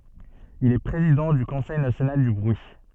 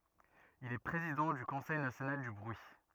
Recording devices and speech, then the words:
soft in-ear microphone, rigid in-ear microphone, read sentence
Il est président du Conseil national du bruit.

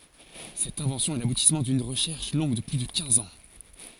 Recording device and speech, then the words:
forehead accelerometer, read sentence
Cette invention est l'aboutissement d'une recherche longue de plus de quinze ans.

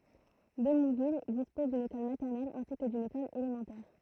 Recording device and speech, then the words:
throat microphone, read sentence
Démouville dispose d'une école maternelle ainsi que d'une école élémentaire.

